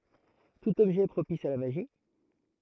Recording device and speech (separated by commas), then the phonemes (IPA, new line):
throat microphone, read sentence
tut ɔbʒɛ ɛ pʁopis a la maʒi